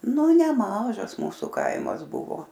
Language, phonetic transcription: Lithuanian, nu neˈmažas ˈmūsu ˈkaimas ˈbuvo

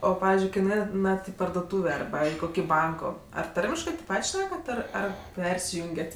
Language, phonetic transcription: Lithuanian, ˈo ˈpavizdžiui ˈkai nuˈeinat i pardoˈtūvė arˈba i ˈkoki ˈbanko ar ˈtarmiškɜ tėp ˈpat' ˈšnekat ˈir ˈar ˈpersijungiat'

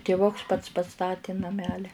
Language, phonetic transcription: Lithuanian, tiˈvuks ˈpats paˈstati naˈmeli

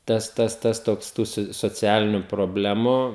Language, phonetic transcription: Lithuanian, ˈtas ˈtas ˈtas ˈtoks ˈtų su soˈcialiniu proˈblemu

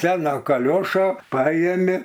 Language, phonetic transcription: Lithuanian, ˈsena kaˈliošo ˈpajėmi

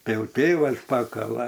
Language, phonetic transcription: Lithuanian, ˈtai ˈjau ˈtėvas ˈpakala

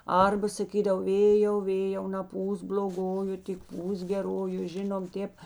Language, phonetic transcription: Lithuanian, ˈarba saˈkydav ˈvėjau ˈvėjau naˈpūsk bl'oˈgoju tik ˈpūsk geˈroju ˈžinom ˈtėp

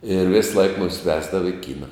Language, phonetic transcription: Lithuanian, ir ˈvėsˌlaik ˈmumis ˈvesdava i ˈkyna

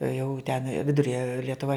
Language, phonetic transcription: Lithuanian, jau ten ˈviduria lietuˈva

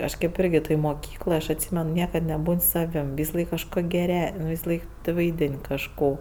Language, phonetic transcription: Lithuanian, ˈaš ˈkėp ˈirgi toj moˈkykloj aš atˈsymen ˈniekad neˈbūn' ˈsavim visaˈlaik kažko geˈre visaˈlaik vaiˈdin' kažˈko

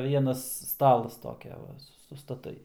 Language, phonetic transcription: Lithuanian, ˈvienas ˈstalas ˈtokia ˈva sustaˈtai

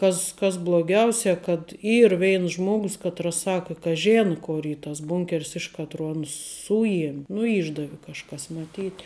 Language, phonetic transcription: Lithuanian, ˈkas kas bloˈgiausia kad ˈyr ˈveins ˈžmogus ˈkatras ˈsakə ka ˈžėna ˈkor ˈy tas ˈbūnker's ˈiš katro ˈanus ˈsujiem' nu ˈyšdavi kažˈkas maˈtyt'

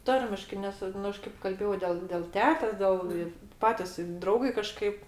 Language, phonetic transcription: Lithuanian, ˈtarmiškai ˈnes ˈnu ˈaš kaip kalˈbėjau del del ˈtetės ˈdel i ˈpatis i ˈdraugai kaˈžkaip

